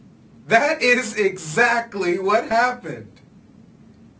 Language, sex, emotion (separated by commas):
English, male, happy